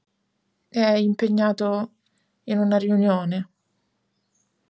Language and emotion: Italian, sad